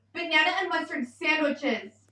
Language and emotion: English, angry